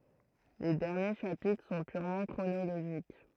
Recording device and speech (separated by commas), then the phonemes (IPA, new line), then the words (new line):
throat microphone, read sentence
le dɛʁnje ʃapitʁ sɔ̃ pyʁmɑ̃ kʁonoloʒik
Les derniers chapitres sont purement chronologiques.